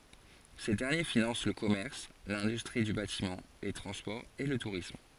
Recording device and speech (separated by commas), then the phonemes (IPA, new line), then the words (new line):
forehead accelerometer, read sentence
se dɛʁnje finɑ̃s lə kɔmɛʁs lɛ̃dystʁi dy batimɑ̃ le tʁɑ̃spɔʁz e lə tuʁism
Ces derniers financent le commerce, l'industrie du bâtiment, les transports et le tourisme.